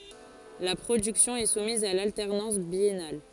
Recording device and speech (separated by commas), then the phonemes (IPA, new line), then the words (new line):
forehead accelerometer, read sentence
la pʁodyksjɔ̃ ɛ sumiz a laltɛʁnɑ̃s bjɛnal
La production est soumise à l’alternance biennale.